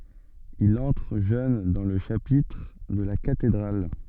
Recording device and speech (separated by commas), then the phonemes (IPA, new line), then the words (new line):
soft in-ear microphone, read sentence
il ɑ̃tʁ ʒøn dɑ̃ lə ʃapitʁ də la katedʁal
Il entre jeune dans le chapitre de la cathédrale.